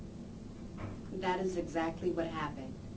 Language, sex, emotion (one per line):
English
female
neutral